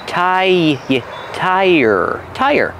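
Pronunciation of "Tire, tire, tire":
'Tire' has a long I sound followed by er, and the two sounds are linked with a y sound, as in 'yes'.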